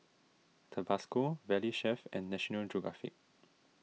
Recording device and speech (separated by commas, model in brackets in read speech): mobile phone (iPhone 6), read sentence